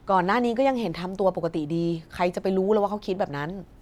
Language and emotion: Thai, neutral